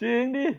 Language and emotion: Thai, happy